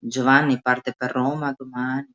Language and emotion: Italian, sad